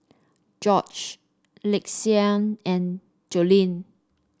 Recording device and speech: standing microphone (AKG C214), read sentence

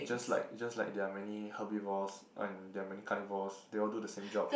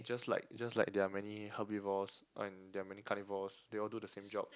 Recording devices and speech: boundary microphone, close-talking microphone, conversation in the same room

